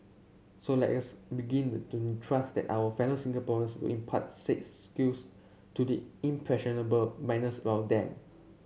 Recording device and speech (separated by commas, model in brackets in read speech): mobile phone (Samsung C7), read sentence